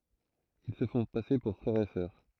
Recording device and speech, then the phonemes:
throat microphone, read sentence
il sə fɔ̃ pase puʁ fʁɛʁ e sœʁ

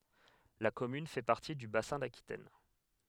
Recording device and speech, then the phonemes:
headset microphone, read sentence
la kɔmyn fɛ paʁti dy basɛ̃ dakitɛn

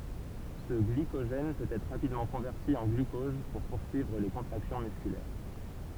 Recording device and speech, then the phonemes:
temple vibration pickup, read sentence
sə ɡlikoʒɛn pøt ɛtʁ ʁapidmɑ̃ kɔ̃vɛʁti ɑ̃ ɡlykɔz puʁ puʁsyivʁ le kɔ̃tʁaksjɔ̃ myskylɛʁ

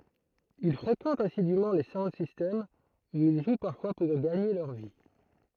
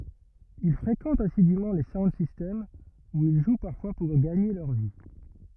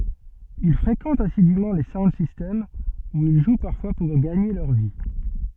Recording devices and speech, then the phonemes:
throat microphone, rigid in-ear microphone, soft in-ear microphone, read sentence
il fʁekɑ̃tt asidym le saund sistɛmz u il ʒw paʁfwa puʁ ɡaɲe lœʁ vi

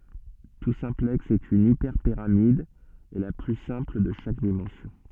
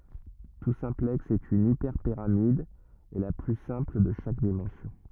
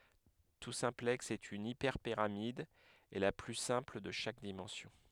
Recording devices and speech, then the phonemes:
soft in-ear microphone, rigid in-ear microphone, headset microphone, read sentence
tu sɛ̃plɛks ɛt yn ipɛʁpiʁamid e la ply sɛ̃pl də ʃak dimɑ̃sjɔ̃

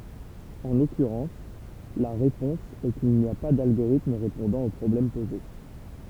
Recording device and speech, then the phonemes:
temple vibration pickup, read sentence
ɑ̃ lɔkyʁɑ̃s la ʁepɔ̃s ɛ kil ni a pa dalɡoʁitm ʁepɔ̃dɑ̃ o pʁɔblɛm poze

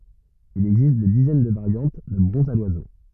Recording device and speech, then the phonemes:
rigid in-ear microphone, read sentence
il ɛɡzist de dizɛn də vaʁjɑ̃t də bʁɔ̃zz a lwazo

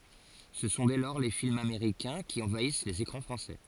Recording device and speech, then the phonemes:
forehead accelerometer, read sentence
sə sɔ̃ dɛ lɔʁ le filmz ameʁikɛ̃ ki ɑ̃vais lez ekʁɑ̃ fʁɑ̃sɛ

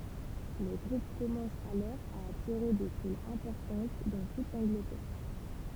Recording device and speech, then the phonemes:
temple vibration pickup, read sentence
lə ɡʁup kɔmɑ̃s alɔʁ a atiʁe de fulz ɛ̃pɔʁtɑ̃t dɑ̃ tut lɑ̃ɡlətɛʁ

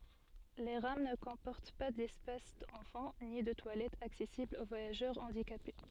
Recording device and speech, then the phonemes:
soft in-ear microphone, read sentence
le ʁam nə kɔ̃pɔʁt pa dɛspas ɑ̃fɑ̃ ni də twalɛtz aksɛsiblz o vwajaʒœʁ ɑ̃dikape

